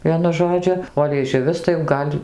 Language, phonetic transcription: Lithuanian, ˈvienu ˈžodžiu o lieˈžiuvis tai jau ˈgal'

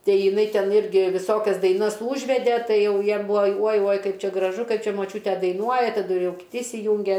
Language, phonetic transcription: Lithuanian, ˈtai jiˈnai ˈten ˈirgi viˈsokias daiˈnas ˈūžvede ˈtai ˈjau ˈjiem ˈbuvo uoj uoj ˈkaip ˈčia graˈžu ˈkaip ˈčia moˈčiūte daiˈnuoja taˈdu ˈjau ir kiˈti isiˈjunge

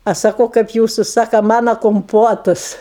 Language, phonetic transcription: Lithuanian, ˈaš saˈkau ˈkaip ˈjūsu ˈsaka ˈmana komˈpotus

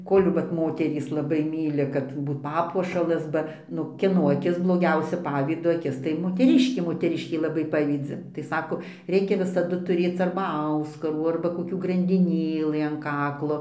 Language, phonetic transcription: Lithuanian, ˈkol' vat ˈmoterys laˈbai ˈmyli kad ˈbūt ˈpapuošalas ˈba ˈnu kieˈno aˈkis bloˈgiausia ˈpavydo aˈkis tai moteˈriškė moteˈriškė laˈbai ˈpavydzi tai ˈsako ˈreikia visaˈdu tuˈrėc arba ˈauskarų arba koˈkių grandiˈnėlɨ an ˈkaklo

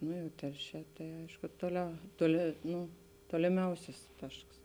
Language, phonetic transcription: Lithuanian, ˈnu jau ˈtelˌšē tai ˈaišku toˈliau toˈli ˈnū toliˈmiausis ˈtašks

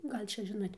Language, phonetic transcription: Lithuanian, ˈgal' ˈčia ˈžinot'

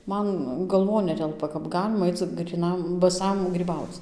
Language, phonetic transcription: Lithuanian, ˈman galˈvon ˈnetelpa kap ˈgalima ˈaic gryˈnam baˈsam gryˈbauc

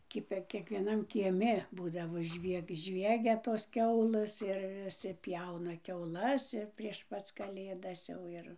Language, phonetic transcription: Lithuanian, ˈkipia kiekvieˈnam kieˈmi ˈbūdavo ˈžvieg ˈžviegia tos ˈkiaulɘs ir viˈsi ˈpjauna kiauˈlas ir prieš ˈpac kaˈlėdas ˈjau ir

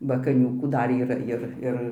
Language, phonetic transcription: Lithuanian, ba kaˈniūkų ˈdar yˈra jir ˈir

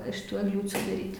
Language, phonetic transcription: Lithuanian, iš ˈtų egˈliūcių daˈryt'

